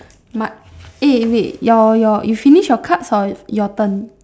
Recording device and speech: standing microphone, conversation in separate rooms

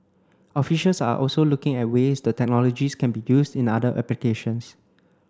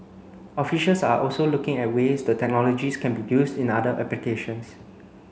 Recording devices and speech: close-talking microphone (WH30), mobile phone (Samsung C9), read sentence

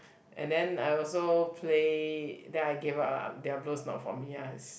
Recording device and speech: boundary microphone, conversation in the same room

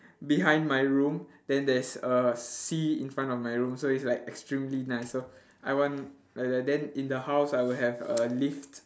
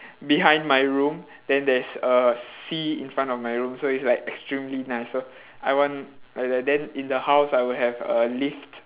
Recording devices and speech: standing microphone, telephone, conversation in separate rooms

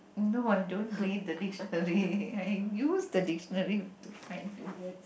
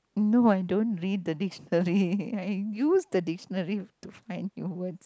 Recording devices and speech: boundary microphone, close-talking microphone, conversation in the same room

